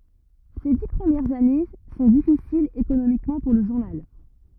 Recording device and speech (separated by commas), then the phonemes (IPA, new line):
rigid in-ear microphone, read sentence
se di pʁəmjɛʁz ane sɔ̃ difisilz ekonomikmɑ̃ puʁ lə ʒuʁnal